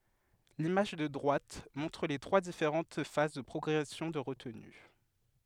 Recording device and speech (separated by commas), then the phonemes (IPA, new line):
headset microphone, read sentence
limaʒ də dʁwat mɔ̃tʁ le tʁwa difeʁɑ̃t faz də pʁɔɡʁɛsjɔ̃ də ʁətny